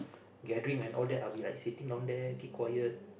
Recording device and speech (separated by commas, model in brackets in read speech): boundary microphone, conversation in the same room